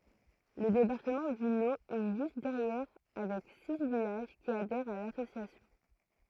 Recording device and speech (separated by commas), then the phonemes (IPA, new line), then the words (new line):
throat microphone, read sentence
lə depaʁtəmɑ̃ dy lo ɛ ʒyst dɛʁjɛʁ avɛk si vilaʒ ki adɛʁt a lasosjasjɔ̃
Le département du Lot est juste derrière avec six villages qui adhèrent à l'association.